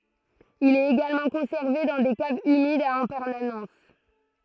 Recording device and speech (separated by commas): throat microphone, read sentence